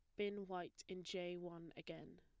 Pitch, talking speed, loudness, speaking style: 175 Hz, 180 wpm, -49 LUFS, plain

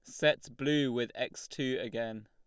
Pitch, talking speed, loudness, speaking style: 130 Hz, 175 wpm, -33 LUFS, Lombard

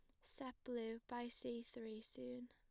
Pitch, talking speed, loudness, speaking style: 230 Hz, 160 wpm, -50 LUFS, plain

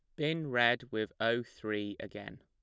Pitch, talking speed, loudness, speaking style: 120 Hz, 160 wpm, -34 LUFS, plain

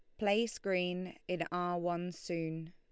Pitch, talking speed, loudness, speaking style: 180 Hz, 145 wpm, -36 LUFS, Lombard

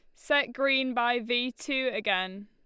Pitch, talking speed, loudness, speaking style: 250 Hz, 160 wpm, -28 LUFS, Lombard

